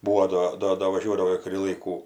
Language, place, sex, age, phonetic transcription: Lithuanian, Aukštaitija, female, 60+, ˈbūo ˈdo ˈdo do vaˈžiuodavo ir kuˈrį ˈlaikų

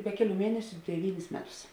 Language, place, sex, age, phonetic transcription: Lithuanian, Žemaitija, female, 18-60, ˈbe keˌlių ˈmienesiu deˈvynis ˈmeˌtus

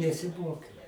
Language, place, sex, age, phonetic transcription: Lithuanian, Aukštaitija, male, 60+, nesiˈmokiau

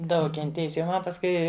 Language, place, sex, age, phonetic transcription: Lithuanian, Žemaitija, female, 60+, ˈdaug kenˈtėjis jau ˈman pasˈkui

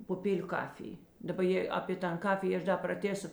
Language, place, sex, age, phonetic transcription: Lithuanian, Žemaitija, female, 60+, puˈpėliu ˈkafij daˈba ˈjė apė ˈtan ˈkafijė ˈaš da praˈtėso

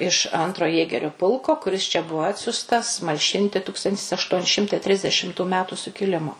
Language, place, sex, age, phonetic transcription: Lithuanian, Suvalkija, female, 60+, iš ˈantro ˈjėgeriu ˈpulko kuˈris čia ˈbuvo ˈatsiustas malˈšinti ˈtūkstantis ašˈtuoni ˈšimtai ˈtrisdešimtų ˈmetu sukiˈlimo

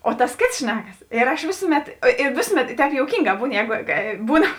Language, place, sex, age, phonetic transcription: Lithuanian, Žemaitija, female, 18-60, o tas ˈkėts ˈšnekas ir aš ˈvėsuˌmet i ˈvėsuˌmet i ˈtēp jouˈkynˌgā ˈbūn ˈjēgo ˈbūn

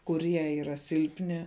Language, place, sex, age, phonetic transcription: Lithuanian, Žemaitija, female, 18-60, kuˈrie yˈra ˈsilpni

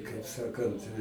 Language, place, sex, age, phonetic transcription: Lithuanian, Aukštaitija, male, 60+, i kaip ˈsakant

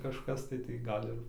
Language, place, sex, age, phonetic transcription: Lithuanian, Dzūkija, male, 18-60, kažˈkas tai tai ˈgal' ir

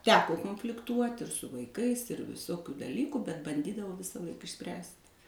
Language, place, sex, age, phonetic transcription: Lithuanian, Suvalkija, female, 60+, ˈteko konflikˈtuot' ir su vaiˈkais ir viˈsokiu daˈlyku bet banˈdydavau visaˈlaik išˈspręst'

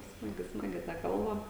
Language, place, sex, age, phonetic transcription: Lithuanian, Žemaitija, female, 18-60, ˈsmagi ˈsmagi ta ˈkalba

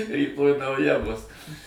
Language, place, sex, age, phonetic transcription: Lithuanian, Suvalkija, male, 60+, ryˈtoj nauˈja bus

